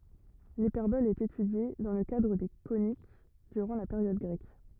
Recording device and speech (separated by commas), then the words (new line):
rigid in-ear microphone, read sentence
L'hyperbole est étudiée, dans le cadre des coniques, durant la période grecque.